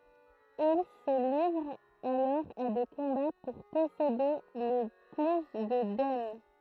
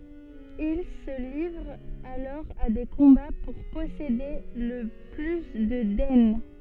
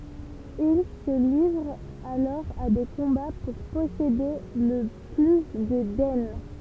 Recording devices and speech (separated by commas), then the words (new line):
throat microphone, soft in-ear microphone, temple vibration pickup, read sentence
Ils se livrent alors à des combats pour posséder le plus de daines.